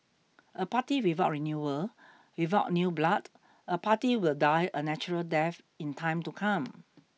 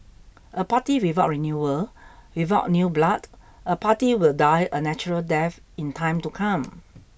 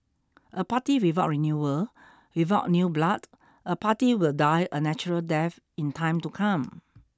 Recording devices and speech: mobile phone (iPhone 6), boundary microphone (BM630), standing microphone (AKG C214), read sentence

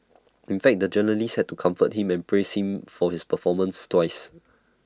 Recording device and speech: standing microphone (AKG C214), read sentence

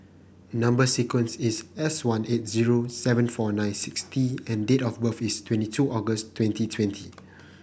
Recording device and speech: boundary microphone (BM630), read sentence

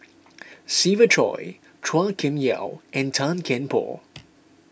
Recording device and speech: boundary microphone (BM630), read sentence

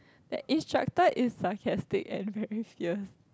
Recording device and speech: close-talking microphone, conversation in the same room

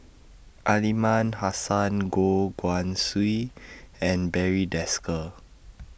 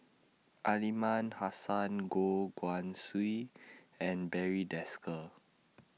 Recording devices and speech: boundary microphone (BM630), mobile phone (iPhone 6), read sentence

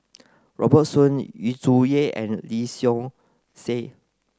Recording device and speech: close-talking microphone (WH30), read sentence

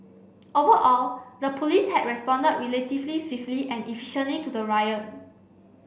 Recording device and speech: boundary microphone (BM630), read sentence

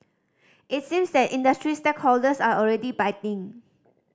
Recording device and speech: standing microphone (AKG C214), read sentence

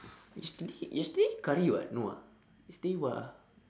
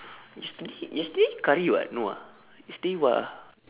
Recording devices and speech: standing microphone, telephone, conversation in separate rooms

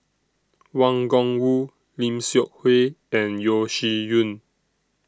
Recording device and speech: standing microphone (AKG C214), read sentence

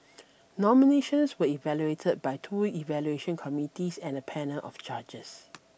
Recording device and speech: boundary microphone (BM630), read sentence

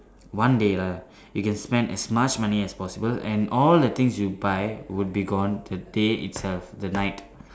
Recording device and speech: standing microphone, conversation in separate rooms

